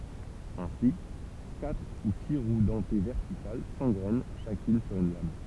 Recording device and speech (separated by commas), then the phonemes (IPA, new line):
temple vibration pickup, read sentence
ɛ̃si katʁ u si ʁw dɑ̃te vɛʁtikal sɑ̃ɡʁɛn ʃakyn syʁ yn lam